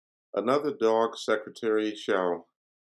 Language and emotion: English, neutral